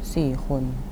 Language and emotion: Thai, neutral